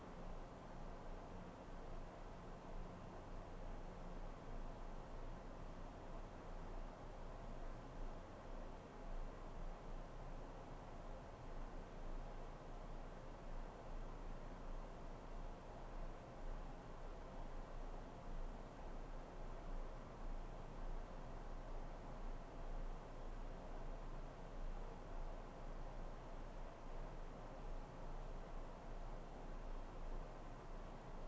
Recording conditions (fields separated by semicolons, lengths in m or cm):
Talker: no one; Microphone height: 1.1 m; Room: small (3.7 m by 2.7 m); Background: none